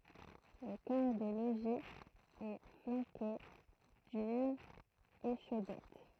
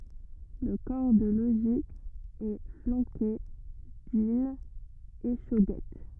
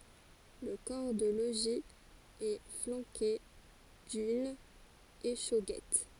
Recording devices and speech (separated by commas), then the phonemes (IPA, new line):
throat microphone, rigid in-ear microphone, forehead accelerometer, read sentence
lə kɔʁ də loʒi ɛ flɑ̃ke dyn eʃoɡɛt